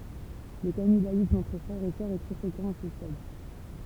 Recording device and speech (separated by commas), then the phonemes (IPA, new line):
temple vibration pickup, read sentence
lə kanibalism ɑ̃tʁ fʁɛʁz e sœʁz ɛ tʁɛ fʁekɑ̃ a sə stad